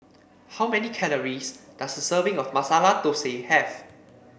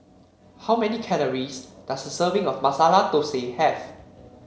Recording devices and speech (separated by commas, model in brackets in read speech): boundary microphone (BM630), mobile phone (Samsung C7), read sentence